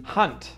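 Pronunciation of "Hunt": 'Hunt' is said with the T, not with a muted T.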